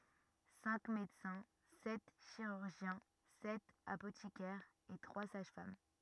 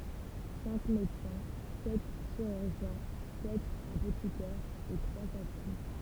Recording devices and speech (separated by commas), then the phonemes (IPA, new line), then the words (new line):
rigid in-ear microphone, temple vibration pickup, read sentence
sɛ̃k medəsɛ̃ sɛt ʃiʁyʁʒjɛ̃ sɛt apotikɛʁz e tʁwa saʒ fam
Cinq médecins, sept chirurgiens, sept apothicaires et trois sages-femmes.